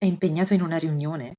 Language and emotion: Italian, surprised